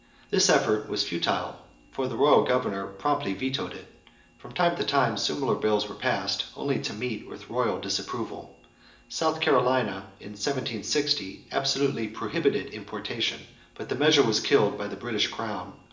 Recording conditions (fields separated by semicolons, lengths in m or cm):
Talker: one person; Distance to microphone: 1.8 m; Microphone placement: close; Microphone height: 1.0 m; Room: large; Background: none